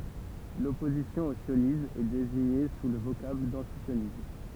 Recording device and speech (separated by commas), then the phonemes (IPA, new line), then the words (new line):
temple vibration pickup, read sentence
lɔpozisjɔ̃ o sjonism ɛ deziɲe su lə vokabl dɑ̃tisjonism
L'opposition au sionisme est désignée sous le vocable d'antisionisme.